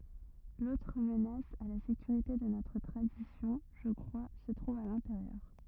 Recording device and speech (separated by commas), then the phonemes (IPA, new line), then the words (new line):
rigid in-ear microphone, read sentence
lotʁ mənas a la sekyʁite də notʁ tʁadisjɔ̃ ʒə kʁwa sə tʁuv a lɛ̃teʁjœʁ
L'autre menace à la sécurité de notre tradition, je crois, se trouve à l'intérieur.